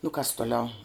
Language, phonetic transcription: Lithuanian, nu kas toˈliau

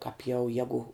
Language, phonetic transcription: Lithuanian, kāp jau ˈjegu

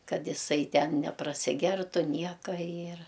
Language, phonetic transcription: Lithuanian, ˈkad jiˈsai ˈten neprasiˈgertu ˈnieka ir

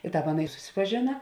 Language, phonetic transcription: Lithuanian, i ˈtāp ˈaˌna i susipaˈžėna

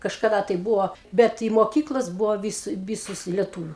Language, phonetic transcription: Lithuanian, kažkaˈda tai ˈbūvo ˈbet i moˈkyklas ˈbuvo vis ˈvysus i leˈtūviu

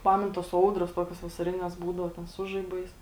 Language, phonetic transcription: Lithuanian, ˈpamen tos ˈaudros ˈtokios vasaˈrines ˈbūdau ˈten ˈsu žaiˌbais

